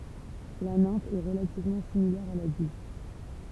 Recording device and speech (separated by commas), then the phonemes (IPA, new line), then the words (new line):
temple vibration pickup, read sentence
la nɛ̃f ɛ ʁəlativmɑ̃ similɛʁ a ladylt
La nymphe est relativement similaire à l'adulte.